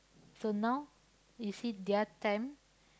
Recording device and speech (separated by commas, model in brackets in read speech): close-talking microphone, conversation in the same room